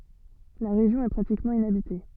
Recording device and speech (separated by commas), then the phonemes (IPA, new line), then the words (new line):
soft in-ear microphone, read sentence
la ʁeʒjɔ̃ ɛ pʁatikmɑ̃ inabite
La région est pratiquement inhabitée.